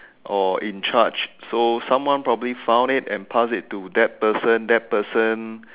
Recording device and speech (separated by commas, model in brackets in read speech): telephone, conversation in separate rooms